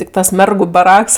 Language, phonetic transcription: Lithuanian, ˈtik ˈtas ˈmergu baˈraks

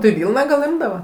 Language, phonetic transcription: Lithuanian, tai ˈvylną gal ˈimdava

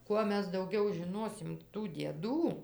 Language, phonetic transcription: Lithuanian, ˈkuo ˈmes dauˈgiau žiˈnosim tų dieˈdų

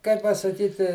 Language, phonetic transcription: Lithuanian, kai pasaˈkyti

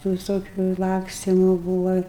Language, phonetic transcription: Lithuanian, tų viˈsokiu ˈlakstimu ˈbūva

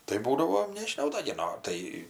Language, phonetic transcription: Lithuanian, tai ˈbūdavo nežiˈnau da gi ˈno tai

